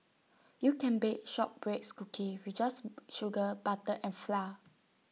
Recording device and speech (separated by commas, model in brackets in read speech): mobile phone (iPhone 6), read sentence